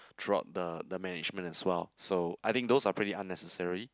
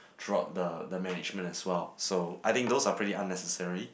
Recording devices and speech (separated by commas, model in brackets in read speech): close-talking microphone, boundary microphone, conversation in the same room